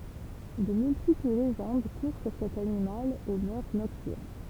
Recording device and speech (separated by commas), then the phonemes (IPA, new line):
temple vibration pickup, read sentence
də myltipl leʒɑ̃d kuʁ syʁ sɛt animal o mœʁ nɔktyʁn